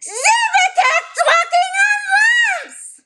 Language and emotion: English, surprised